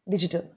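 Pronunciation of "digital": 'digital' is said in an Indian English pronunciation, which sounds flat, and it is pronounced correctly.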